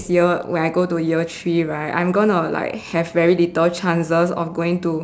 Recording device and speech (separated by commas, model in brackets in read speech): standing microphone, conversation in separate rooms